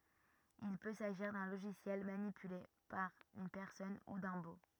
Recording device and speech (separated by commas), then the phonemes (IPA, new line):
rigid in-ear microphone, read sentence
il pø saʒiʁ dœ̃ loʒisjɛl manipyle paʁ yn pɛʁsɔn u dœ̃ bo